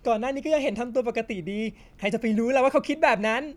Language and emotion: Thai, happy